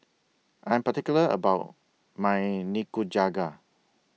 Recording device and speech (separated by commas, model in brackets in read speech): mobile phone (iPhone 6), read sentence